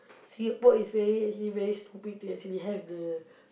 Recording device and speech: boundary microphone, conversation in the same room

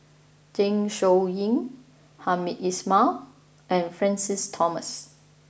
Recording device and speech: boundary microphone (BM630), read sentence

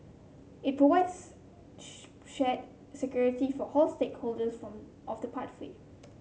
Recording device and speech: mobile phone (Samsung C7), read sentence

